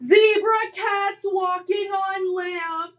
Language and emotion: English, sad